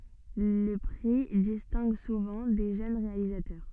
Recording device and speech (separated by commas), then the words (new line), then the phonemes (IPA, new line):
soft in-ear microphone, read sentence
Le prix distingue souvent des jeunes réalisateurs.
lə pʁi distɛ̃ɡ suvɑ̃ de ʒøn ʁealizatœʁ